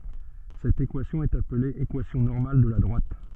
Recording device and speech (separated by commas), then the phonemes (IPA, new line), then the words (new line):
soft in-ear microphone, read sentence
sɛt ekwasjɔ̃ ɛt aple ekwasjɔ̃ nɔʁmal də la dʁwat
Cette équation est appelée équation normale de la droite.